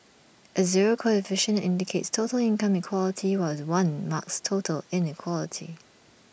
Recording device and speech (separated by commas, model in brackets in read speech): boundary microphone (BM630), read sentence